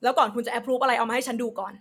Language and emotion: Thai, angry